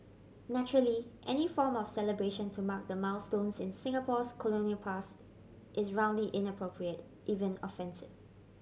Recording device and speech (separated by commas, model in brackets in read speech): mobile phone (Samsung C7100), read sentence